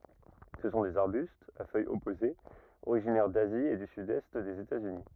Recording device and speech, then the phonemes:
rigid in-ear microphone, read sentence
sə sɔ̃ dez aʁbystz a fœjz ɔpozez oʁiʒinɛʁ dazi e dy sydɛst dez etatsyni

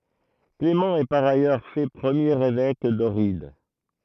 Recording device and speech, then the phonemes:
throat microphone, read sentence
klemɑ̃ ɛ paʁ ajœʁ fɛ pʁəmjeʁ evɛk dɔʁid

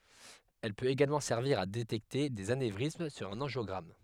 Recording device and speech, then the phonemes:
headset microphone, read sentence
ɛl pøt eɡalmɑ̃ sɛʁviʁ a detɛkte dez anevʁism syʁ œ̃n ɑ̃ʒjɔɡʁam

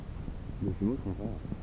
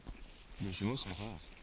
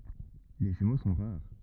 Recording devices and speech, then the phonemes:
temple vibration pickup, forehead accelerometer, rigid in-ear microphone, read sentence
le ʒymo sɔ̃ ʁaʁ

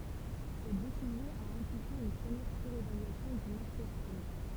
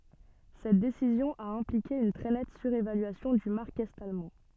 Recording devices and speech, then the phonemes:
temple vibration pickup, soft in-ear microphone, read sentence
sɛt desizjɔ̃ a ɛ̃plike yn tʁɛ nɛt syʁevalyasjɔ̃ dy maʁk ɛt almɑ̃

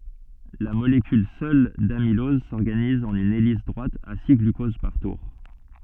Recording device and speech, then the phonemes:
soft in-ear microphone, read sentence
la molekyl sœl damilɔz sɔʁɡaniz ɑ̃n yn elis dʁwat a si ɡlykoz paʁ tuʁ

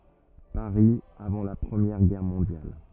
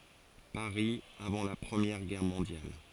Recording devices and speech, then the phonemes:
rigid in-ear microphone, forehead accelerometer, read sentence
paʁi avɑ̃ la pʁəmjɛʁ ɡɛʁ mɔ̃djal

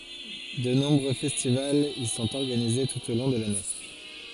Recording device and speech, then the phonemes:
forehead accelerometer, read sentence
də nɔ̃bʁø fɛstivalz i sɔ̃t ɔʁɡanize tut o lɔ̃ də lane

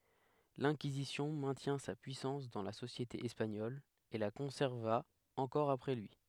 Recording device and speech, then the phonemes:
headset microphone, read sentence
lɛ̃kizisjɔ̃ mɛ̃tjɛ̃ sa pyisɑ̃s dɑ̃ la sosjete ɛspaɲɔl e la kɔ̃sɛʁva ɑ̃kɔʁ apʁɛ lyi

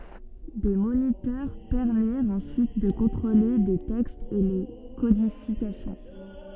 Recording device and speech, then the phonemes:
soft in-ear microphone, read sentence
de monitœʁ pɛʁmiʁt ɑ̃syit də kɔ̃tʁole le tɛkstz e le kodifikasjɔ̃

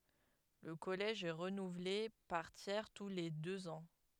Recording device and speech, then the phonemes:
headset microphone, read sentence
lə kɔlɛʒ ɛ ʁənuvle paʁ tjɛʁ tu le døz ɑ̃

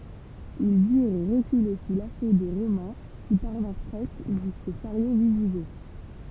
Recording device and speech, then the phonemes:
temple vibration pickup, read sentence
il dyʁ ʁəkyle su laso de ʁomɛ̃ ki paʁvɛ̃ʁ pʁɛskə ʒysko ʃaʁjo viziɡɔt

